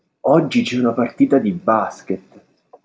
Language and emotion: Italian, surprised